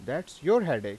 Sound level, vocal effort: 94 dB SPL, loud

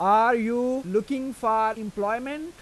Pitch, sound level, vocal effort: 230 Hz, 95 dB SPL, loud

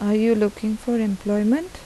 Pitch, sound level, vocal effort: 215 Hz, 81 dB SPL, soft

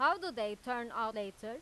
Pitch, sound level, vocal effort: 230 Hz, 97 dB SPL, loud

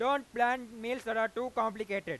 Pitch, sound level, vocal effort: 230 Hz, 103 dB SPL, very loud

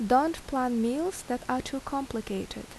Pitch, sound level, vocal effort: 255 Hz, 79 dB SPL, normal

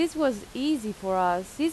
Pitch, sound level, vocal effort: 255 Hz, 87 dB SPL, loud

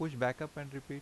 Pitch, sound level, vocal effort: 140 Hz, 85 dB SPL, normal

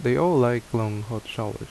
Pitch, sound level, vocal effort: 115 Hz, 78 dB SPL, normal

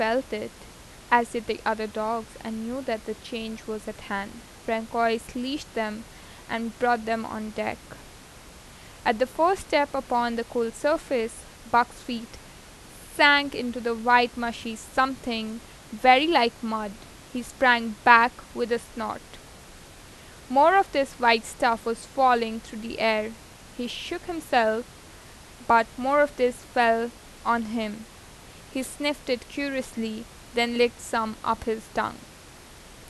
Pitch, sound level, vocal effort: 235 Hz, 86 dB SPL, normal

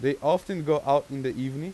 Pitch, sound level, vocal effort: 140 Hz, 93 dB SPL, loud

